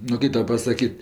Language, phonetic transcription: Lithuanian, nu ˈkai ˈtau pasaˈkyt'

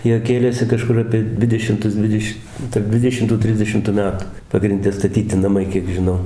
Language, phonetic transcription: Lithuanian, ˈjie ˈkėlėsi kaˈžkur ˌapie ˈdvidešimtus ˈdvideš' tarp ˈdvidešimtų ˈtrisdešimtu ˈmetu pagrinˈde staˈtyti naˈmai ˈkiek žiˈnau

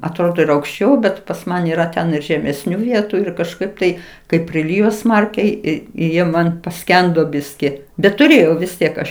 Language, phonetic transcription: Lithuanian, atˈrodo ir aukšˈčiau ˈbet pas ˈman yˈra ten ir žemesˈnių ˈvietu ir kažˈkaip tai kaip priˈlijo ˈsmarkiai ˈi i ˈjie ˈman paˈskendo ˈbiski bet tuˈrėjau vis ˈtiek ˈaš

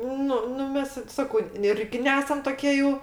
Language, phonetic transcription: Lithuanian, ˈnu nu ˈmes ˈsakau ˈirgi ˈnesam toˈkie jau

